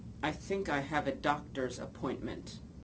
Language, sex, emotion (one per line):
English
female
neutral